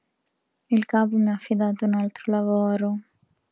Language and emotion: Italian, sad